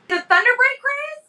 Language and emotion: English, surprised